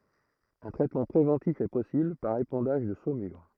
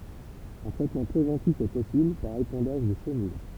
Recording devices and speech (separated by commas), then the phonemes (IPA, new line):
throat microphone, temple vibration pickup, read sentence
œ̃ tʁɛtmɑ̃ pʁevɑ̃tif ɛ pɔsibl paʁ epɑ̃daʒ də somyʁ